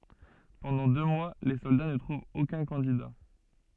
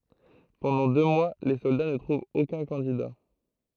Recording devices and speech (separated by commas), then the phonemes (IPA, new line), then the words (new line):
soft in-ear microphone, throat microphone, read sentence
pɑ̃dɑ̃ dø mwa le sɔlda nə tʁuvt okœ̃ kɑ̃dida
Pendant deux mois, les soldats ne trouvent aucun candidat.